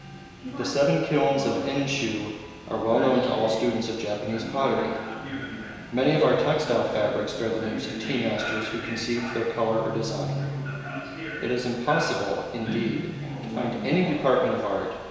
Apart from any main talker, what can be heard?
A television.